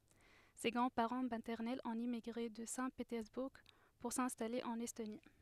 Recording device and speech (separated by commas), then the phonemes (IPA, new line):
headset microphone, read sentence
se ɡʁɑ̃dspaʁɑ̃ matɛʁnɛlz ɔ̃t emiɡʁe də sɛ̃tpetɛʁzbuʁ puʁ sɛ̃stale ɑ̃n ɛstoni